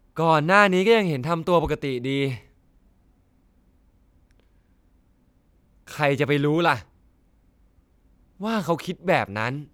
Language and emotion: Thai, frustrated